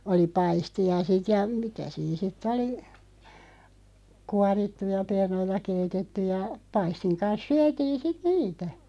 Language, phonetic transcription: Finnish, 'oli "paisti₍a 'sit ja , "mitä siin sit'ᵗ ‿oli , 'kuarittuja 'pernoita 'keitetettyʲ ja , 'paistiŋ 'kans 'syätiin̬ 'sit "niitä .
- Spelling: oli paistia sitten ja mitä siinä sitten oli kuorittuja perunoita keitetty ja paistin kanssa syötiin sitten niitä

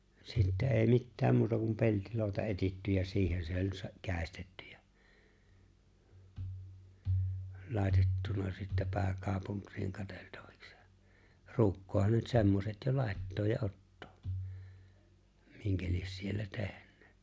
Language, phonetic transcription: Finnish, sittɛ ’e̬e̬ⁱ 'mittääm muuta kum 'peltiloo̭ta 'etitty ja 'siihen se oĺ 'sə- 'kä̀estettty ᴊᴀ̈ , 'lài̬tettuna sittä 'pää'kàupuŋk̆kiiŋ 'kateltᴀᴠᴀks ja , "ru̬ukkoohan ne nyt 'semmoset jo "làettooj ja '’ottoo , 'miŋkä lies siellä 'tehǸᴇᴇ .
- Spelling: sitten ei mitään muuta kuin peltiloota etsitty ja siihen se oli - käestetty ja laitettuna sitten pääkaupunkiin katseltavaksi ja ruukkuunhan ne nyt semmoiset jo laittaa ja ottaa minkä lie siellä tehnyt

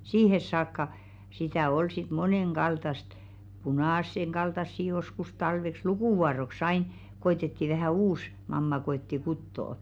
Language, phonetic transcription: Finnish, 'siihes saakka , sitä̀ 'ol sit "moneŋɢaltast , 'punàsseŋɢaltassi joskus 'talveks "lukùvuaro̳§ks ‿ain , 'ko₍etetti vähä̀ "uus , 'mamma 'ko₍etti "kuttoo .
- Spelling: siihen saakka sitä oli sitten monenkaltaista punaisenkaltaista joskus talveksi lukuvuoroksi aina koetettiin vähän uusi mamma koetti kutoa

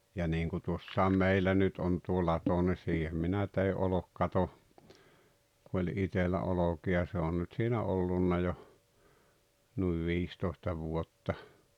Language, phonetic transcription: Finnish, ja niiŋku 'tuossaam 'meillä nyt on tuo 'lato ni 'siihem minä tei '’olokkato , ku oĺ 'itellä 'oloki₍a se on nyt siinä 'ollunna jo , nuiv 'viistòesta 'vuotta .
- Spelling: ja niin kuin tuossa meillä nyt on tuo lato niin siihen minä tein olkikaton kun oli itsellä olkia se on nyt siinä ollut jo noin viisitoista vuotta

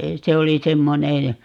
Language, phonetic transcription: Finnish, 'se oli "semmonej ja , .
- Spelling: se oli semmoinen ja

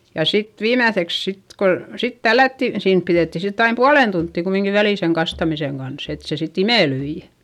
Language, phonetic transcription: Finnish, ja sit viimäϑeks sit ko , sit tällätti , siin piδètti sitt ‿aim pualen tunttì kumiŋki välì seŋ kastamiseŋ Gans , et se sit ‿imèlyi .
- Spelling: ja sitten viimeiseksi sitten kun sitten tällättiin siinä pidettiin sitten aina puolen tuntia kumminkin väliä sen kastamisen kanssa että se sitten imeltyi

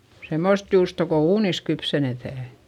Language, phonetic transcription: Finnish, semmost juusto ko uunis kypsenetä̀ .
- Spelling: semmoista juustoa kun uunissa kypsennetään

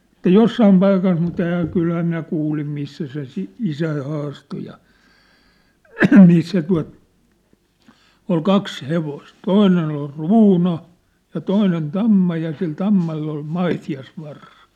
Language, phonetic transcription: Finnish, ᵉt̆tä "jossaim 'paikas mu't̀ ‿ehä , 'kylhä minä 'kuulim 'missä se si- , "isäi 'haasto ja , 'missä tua̭t , ol 'kaks 'hevost , 'toinen ‿ol "ruuna , ja "toinen "tamma ja sil "tammall ‿ol "maiti₍as'varsa .
- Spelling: että jossakin paikassa mutta enhän kyllähän minä kuulin missä se - isäni haastoi ja missä tuota oli kaksi hevosta toinen oli ruuna ja toinen tamma ja sillä tammalla oli maitiaisvarsa

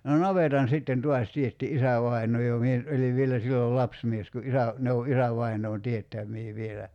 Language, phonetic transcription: Finnish, no "navetan sitten 'tuas 'tietti "isävaiǹoo jo 'mie nyt '’oliv 'vielä 'sillol "lapsmies ku '’isä , ne o '’isävainoon "tiettäm̀ii 'vielä .
- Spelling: no navetan sitten taas teetti isävainaa jo minä nyt olin vielä silloin lapsimies kun isä ne on isävainaan teettämiä vielä

